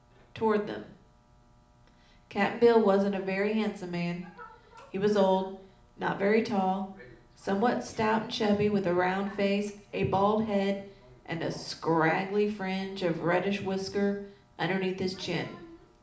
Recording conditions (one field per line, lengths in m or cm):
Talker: one person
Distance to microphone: 2.0 m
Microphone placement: close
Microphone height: 99 cm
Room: medium-sized (5.7 m by 4.0 m)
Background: television